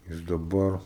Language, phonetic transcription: Lithuanian, ˈjis daˈbar

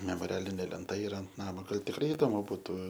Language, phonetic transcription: Lithuanian, memoˈrialinė lenˈta iˈra ant ˈnamo ˈgal tikˈrai iˈdomu buˈtu

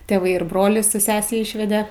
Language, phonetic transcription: Lithuanian, teˈvai ir ˈbroli su ˈsese ˈyšvede

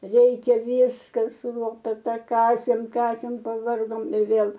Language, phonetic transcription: Lithuanian, ˈreikia ˈvyska su ˈlopeta ˈkasėm ˈkasėm paˈvargom i ˈvėl

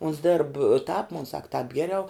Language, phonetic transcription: Lithuanian, uns dėrb tāp mon sak tāp ˈgeriau

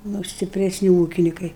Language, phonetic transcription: Lithuanian, ˈnu stipresˈni ˈūkinikai

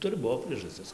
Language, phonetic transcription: Lithuanian, ˈturi ˈbuo priežaˈstis

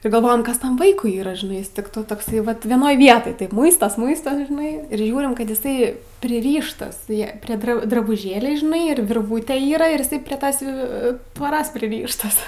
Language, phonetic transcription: Lithuanian, ir galˈvojam ˈkas ˈtam ˈvaikui ˈyra žiˈnai ˈjis ˈtik to tokˈsai ˈvat vieˈnoj ˈvietoj ˈtaip ˈmuistos ˈmuistos žiˈnai ir ˈžiūrim ˈkad iˈsai priˈryštas je prė ˈdra drabuˈžėliai žiˈnai ir virˈvūte ˈyra ir iˈsai pre ˈtos jau tvoˈros priˈryštas

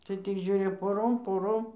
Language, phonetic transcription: Lithuanian, tai tik ˈžiūri poˈrom poˈrom

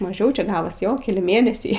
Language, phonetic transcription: Lithuanian, maˈžiau ˈčia ˈgavos ˈjo keˈli ˈmėnesiai

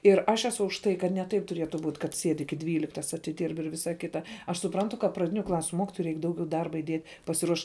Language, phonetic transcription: Lithuanian, ir aš eˈsu už ˈtai kad ne ˈtaip tuˈrietu būt kad ˈsied' ˈiki ˈdvyliktas atiˈdyrb ir ˈvisa ˈkita aš suˈprantu ka praˈdiniu ˈklasiu ˈmokitojai ˈreik ˈdaugiau ˈdarba iˈdiet pasiˈruoš

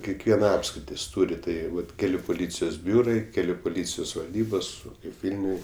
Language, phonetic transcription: Lithuanian, kekˈviena ˈapskritis ˈtūri ˈtai ˈvat ˈkeliu puˈlycijos ˈbiūrai ˈkeliu puˈlycijos valˈdybos kaip ˈvilniuj

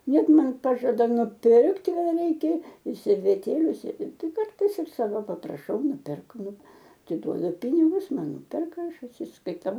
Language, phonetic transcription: Lithuanian, ˈnet ˈman ˈpažada nuˈpirkt kaˈda ˈreikia ir serveˈtėliu se ˈtai ˈkartais ir ˈsavo papraˈšau nupirk ˈnu atiˈduodu ˈpinigus ˈman ˈnuperka ˈaš atsiskaiˈtau

